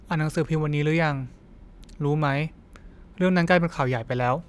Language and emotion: Thai, neutral